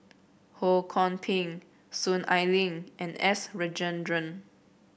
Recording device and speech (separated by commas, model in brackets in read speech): boundary microphone (BM630), read sentence